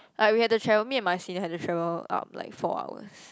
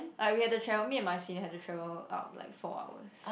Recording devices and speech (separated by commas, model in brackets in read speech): close-talking microphone, boundary microphone, conversation in the same room